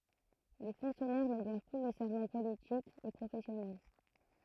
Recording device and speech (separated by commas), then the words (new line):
throat microphone, read sentence
Les fonctionnaires ne doivent plus le serment politique et professionnel.